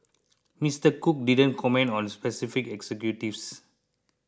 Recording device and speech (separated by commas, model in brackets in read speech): close-talking microphone (WH20), read sentence